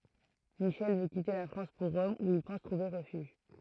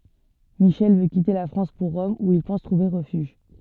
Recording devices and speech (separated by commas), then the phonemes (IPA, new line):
throat microphone, soft in-ear microphone, read sentence
miʃɛl vø kite la fʁɑ̃s puʁ ʁɔm u il pɑ̃s tʁuve ʁəfyʒ